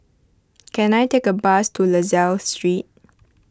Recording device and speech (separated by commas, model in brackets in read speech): close-talking microphone (WH20), read sentence